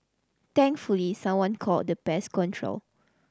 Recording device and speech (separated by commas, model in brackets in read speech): standing microphone (AKG C214), read sentence